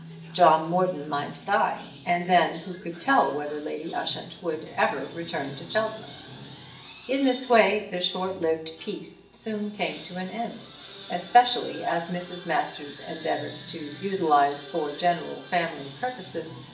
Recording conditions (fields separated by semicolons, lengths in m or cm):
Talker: one person; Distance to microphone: 1.8 m; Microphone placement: close; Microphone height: 1.0 m; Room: large; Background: television